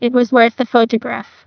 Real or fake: fake